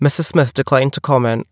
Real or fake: real